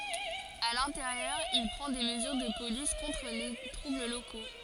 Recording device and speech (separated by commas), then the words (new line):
forehead accelerometer, read sentence
À l'intérieur, il prend des mesures de police contre les troubles locaux.